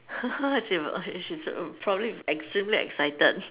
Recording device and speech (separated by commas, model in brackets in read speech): telephone, conversation in separate rooms